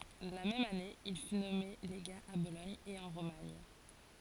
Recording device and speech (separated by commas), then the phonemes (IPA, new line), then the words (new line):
forehead accelerometer, read sentence
la mɛm ane il fy nɔme leɡa a bolɔɲ e ɑ̃ ʁomaɲ
La même année, il fut nommé légat à Bologne et en Romagne.